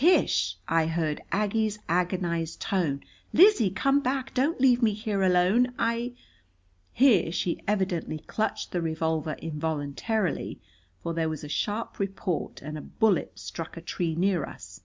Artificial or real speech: real